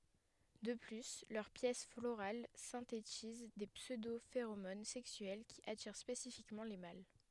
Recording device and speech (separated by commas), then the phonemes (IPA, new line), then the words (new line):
headset microphone, read sentence
də ply lœʁ pjɛs floʁal sɛ̃tetiz de psødofeʁomon sɛksyɛl ki atiʁ spesifikmɑ̃ le mal
De plus, leurs pièces florales synthétisent des pseudo-phéromones sexuelles qui attirent spécifiquement les mâles.